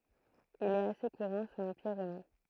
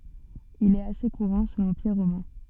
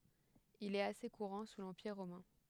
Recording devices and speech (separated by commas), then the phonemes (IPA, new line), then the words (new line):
throat microphone, soft in-ear microphone, headset microphone, read sentence
il ɛt ase kuʁɑ̃ su lɑ̃piʁ ʁomɛ̃
Il est assez courant sous l'Empire romain.